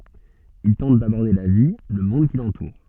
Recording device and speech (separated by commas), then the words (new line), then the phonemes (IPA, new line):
soft in-ear microphone, read sentence
Il tente d’aborder la vie, le monde qui l’entoure.
il tɑ̃t dabɔʁde la vi lə mɔ̃d ki lɑ̃tuʁ